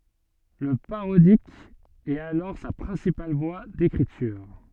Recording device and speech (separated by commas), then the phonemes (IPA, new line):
soft in-ear microphone, read sentence
lə paʁodik ɛt alɔʁ sa pʁɛ̃sipal vwa dekʁityʁ